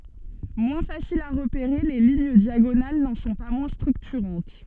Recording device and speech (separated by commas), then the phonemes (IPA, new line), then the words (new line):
soft in-ear microphone, read sentence
mwɛ̃ fasilz a ʁəpeʁe le liɲ djaɡonal nɑ̃ sɔ̃ pa mwɛ̃ stʁyktyʁɑ̃t
Moins faciles à repérer, les lignes diagonales n’en sont pas moins structurantes.